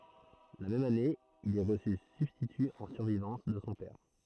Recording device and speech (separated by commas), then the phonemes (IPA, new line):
throat microphone, read sentence
la mɛm ane il ɛ ʁəsy sybstity ɑ̃ syʁvivɑ̃s də sɔ̃ pɛʁ